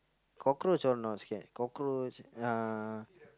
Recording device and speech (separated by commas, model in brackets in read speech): close-talking microphone, conversation in the same room